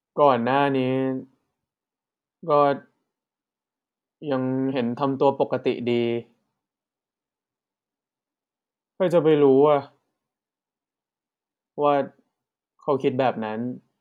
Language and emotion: Thai, frustrated